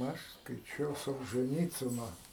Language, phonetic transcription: Lithuanian, ˈaš skaiˈčiau solžɜˈnycino

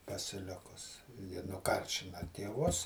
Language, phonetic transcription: Lithuanian, pasiˈlikus ji nuˈkaršina tėˈvus

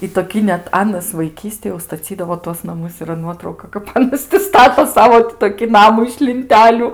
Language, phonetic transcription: Lithuanian, i toˈkį net ˈanas vaiˈkystėj jau staˈcydavo tuos naˈmus yˈra ˈnuotrauka kap aˈnas ti ˈstato ˈsavo ti toˈki ˈnamu iš linˈteliu

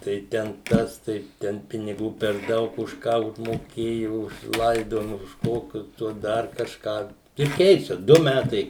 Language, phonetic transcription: Lithuanian, tai ˈten ˈtas tai ˈten piniˈgų per ˈdaug už ˈką užmoˈkėjo už ˈlaidojima už ˈkokius ˈtuos ˈdar kažˈką ir ˈkeičia ˈdu ˈmætai

